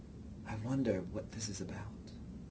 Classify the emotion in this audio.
neutral